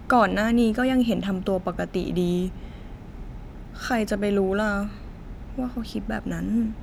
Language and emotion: Thai, sad